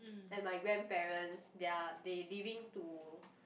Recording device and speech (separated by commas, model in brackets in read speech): boundary microphone, conversation in the same room